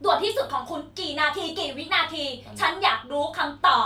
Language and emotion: Thai, angry